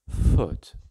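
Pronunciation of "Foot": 'Foot' is said with a Standard Southern British vowel, which is more centered.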